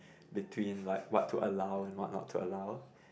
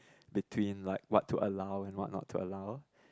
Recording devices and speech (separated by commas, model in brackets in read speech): boundary microphone, close-talking microphone, conversation in the same room